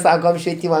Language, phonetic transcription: Lithuanian, ˈsakom švieˈtyma

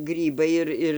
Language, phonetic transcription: Lithuanian, ˈgrybai ir ˈir

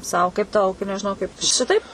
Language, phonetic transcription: Lithuanian, ˈsau kaip tau nežiˈnau kaip ˈšitaip

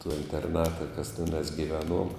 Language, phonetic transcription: Lithuanian, to interˈnata kas teˈnās giˈveˌnuom

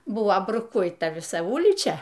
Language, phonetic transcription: Lithuanian, ˈbuvo bruˈkuita viˈsa ˈulyčia

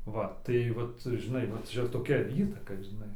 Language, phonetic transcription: Lithuanian, ˈva tai ˈvat žiˈnai va ˈčia toˈkia ˈįtaka žiˈnai

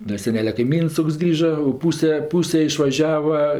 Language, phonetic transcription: Lithuanian, da ˈsenelia kaiˈmyns ˈtoks ˈgrįža o ˈpūse ˈpūse išvaˈžiava

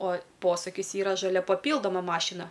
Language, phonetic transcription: Lithuanian, o ˈposukis ˈyra žaˈlia paˈpyldoma ˈmašina

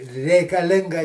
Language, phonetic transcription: Lithuanian, reikaˈlinga

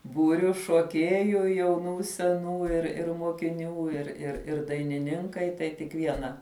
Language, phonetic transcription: Lithuanian, ˈbūriu šuoˈkieju jauˈnų seˈnų ir ir mokiˈnių ir ir ˈir dainiˈninkai tai tik ˈviena

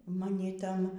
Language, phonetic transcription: Lithuanian, maˈni ˈtan

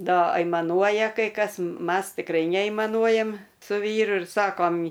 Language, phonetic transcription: Lithuanian, ˈda aimaˈnuoja kai ˈkas ˈmas tikˈrai neaimaˈnuojam' su ˈvyru ir ˈsakom

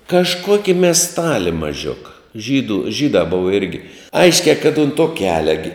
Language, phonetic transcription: Lithuanian, kažˈkoki mesˈtali maˈžiuka ˈžydų ˈžydā ˈbova ˈirgi ˈaiškiā kad unt to ˈkelia gi

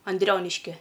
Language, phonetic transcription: Lithuanian, anˈdrioniškie

